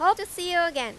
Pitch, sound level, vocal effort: 350 Hz, 98 dB SPL, very loud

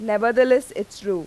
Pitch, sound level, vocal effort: 215 Hz, 92 dB SPL, normal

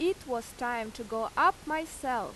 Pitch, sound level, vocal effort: 245 Hz, 90 dB SPL, very loud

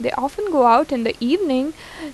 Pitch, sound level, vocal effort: 275 Hz, 84 dB SPL, normal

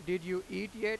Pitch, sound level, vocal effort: 190 Hz, 98 dB SPL, very loud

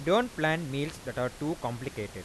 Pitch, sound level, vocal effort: 140 Hz, 92 dB SPL, normal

